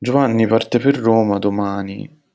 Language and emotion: Italian, sad